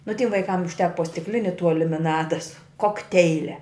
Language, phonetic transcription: Lithuanian, nu tim vaiˈkam užˈteka po stikˈlini tuo limiˈnada su kokˈteilia

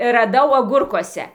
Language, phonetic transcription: Lithuanian, raˈdau aˈgurkuose

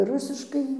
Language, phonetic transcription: Lithuanian, ˈrusiškai

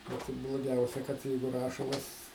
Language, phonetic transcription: Lithuanian, ˈvat i bloˈgiausia kad ˈjeigu ˈrašalas

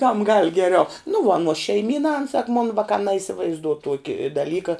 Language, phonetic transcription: Lithuanian, kam gal geˈriau nu vuo aˈnuos šeiˈmyna an sak mon ˈvakā naisivaizˈduo ˈtuoki daˈlyka

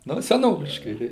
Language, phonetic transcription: Lithuanian, ˈnu seˈnoviškai tai

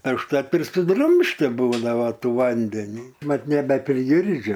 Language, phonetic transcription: Lithuanian, e užtat ir suˈdrumšti ˈbūdavo ˈtų ˈvandenį ˈmat nebepriˈgirdžiu

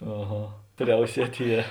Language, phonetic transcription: Lithuanian, aˈha ˈpriausiet' ˈje

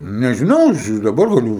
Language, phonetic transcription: Lithuanian, nežiˈnau aš i daˈbar gaˈliu

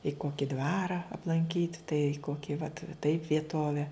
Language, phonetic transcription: Lithuanian, i ˈkoki ˈdvara aplanˈkyt' tai ˈkoki vat taip vieˈtove

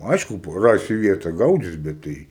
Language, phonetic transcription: Lithuanian, ˈaišku pa ˈrasi ˈvieta ˈgaudis bet ˈtai

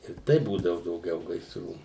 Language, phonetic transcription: Lithuanian, ir ˈtai ˈbūdavu dauˈgiau gaisˈrų

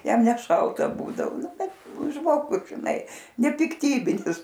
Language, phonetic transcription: Lithuanian, ˈjam neˈšalta ˈbūdavo ˈnu ˈbet ˈžmogus žiˈnai nepikˈtybinis

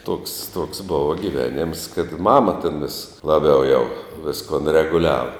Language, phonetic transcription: Lithuanian, toks toks ˈbuva giˈvenems kad ˈmama ten vis laˈbiau jau ˈviskun reguˈliava

